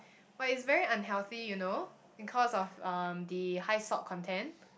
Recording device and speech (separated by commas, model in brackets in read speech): boundary microphone, conversation in the same room